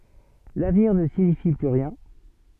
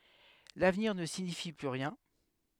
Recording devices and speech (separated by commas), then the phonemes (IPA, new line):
soft in-ear microphone, headset microphone, read sentence
lavniʁ nə siɲifi ply ʁjɛ̃